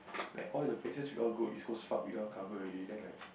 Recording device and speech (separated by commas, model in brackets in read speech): boundary microphone, conversation in the same room